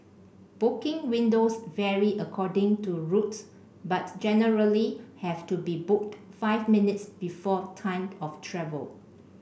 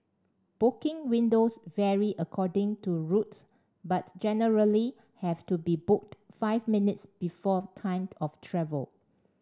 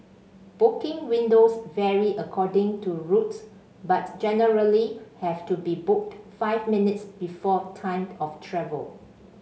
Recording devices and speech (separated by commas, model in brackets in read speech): boundary microphone (BM630), standing microphone (AKG C214), mobile phone (Samsung C5), read sentence